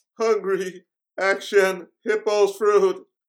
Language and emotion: English, fearful